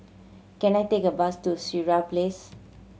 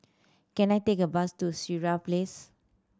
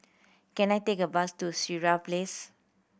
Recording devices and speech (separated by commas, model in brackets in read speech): mobile phone (Samsung C7100), standing microphone (AKG C214), boundary microphone (BM630), read sentence